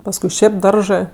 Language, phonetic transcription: Lithuanian, pasˈkui ˈšėp ˈdaržɜ

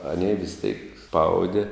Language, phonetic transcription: Lithuanian, aˈnė vis tėk ˈspaudi

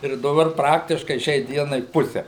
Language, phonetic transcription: Lithuanian, ir daˈbar ˈpraktiškai ˈšiai ˈdienai ˈpuse

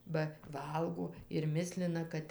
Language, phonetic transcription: Lithuanian, ba ˈvalgo ir ˈmislina ˈkad

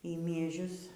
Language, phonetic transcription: Lithuanian, y mieˈžius

